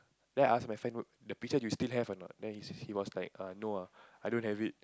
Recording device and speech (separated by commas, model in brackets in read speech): close-talking microphone, conversation in the same room